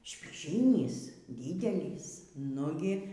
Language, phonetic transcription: Lithuanian, špyˈžynys ˈdydelys ˈnugi

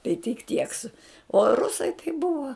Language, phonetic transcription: Lithuanian, tai tik ˈtiek su o ˈrusai tai ˈbuva

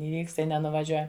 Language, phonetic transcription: Lithuanian, iˈvykst ˈtai nenuvaˈžiuojam

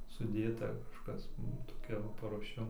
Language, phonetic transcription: Lithuanian, suˈdėta kažˈkas ˈnu toˈkia va paruoˈšiam

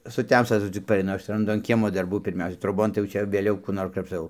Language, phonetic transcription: Lithuanian, suˈtemsta taˈdu cik pareiˈnu ˈaš ranˈdu an ˈkiemo darˈbų pirˈmiausia troˈbon tai jau ˈčia vėˈliau ˈkų ˈnor krapšˈtau

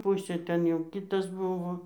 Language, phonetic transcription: Lithuanian, ˈpusė ˈten jau ˈkitas ˈbuvo

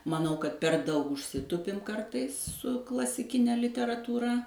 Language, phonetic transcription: Lithuanian, maˈnau kad per ˈdaug užˈsitupim ˈkartais su klasiˈkine literatūˈra

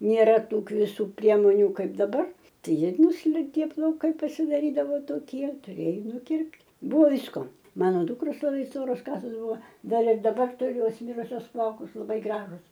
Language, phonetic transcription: Lithuanian, nėˈra ˈtų kviˈsų ˈpriemoniu ˈkaip daˈbar ˈtai ˈjie ˈnuslinkė plauˈkai pasidaˈrydavo toˈkie tuˈrėjo nuˈkirpt' ˈbuvo ˈvysko ˈmano ˈdukros laˈbai ˈstoros ˈkasos ˈbuva ˈdar ir daˈbar tuˈriu ˈjos ˈmirusios ˈplaukus laˈbai ˈgražus

